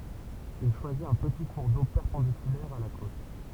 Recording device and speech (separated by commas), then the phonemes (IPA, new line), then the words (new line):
temple vibration pickup, read sentence
il ʃwazit œ̃ pəti kuʁ do pɛʁpɑ̃dikylɛʁ a la kot
Il choisit un petit cours d'eau perpendiculaire à la côte.